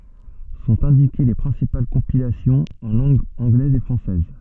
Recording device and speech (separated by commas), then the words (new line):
soft in-ear microphone, read sentence
Sont indiquées les principales compilations en langue anglaise et française.